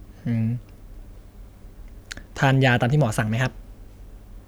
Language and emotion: Thai, neutral